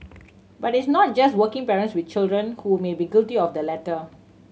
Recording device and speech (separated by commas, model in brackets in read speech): mobile phone (Samsung C7100), read sentence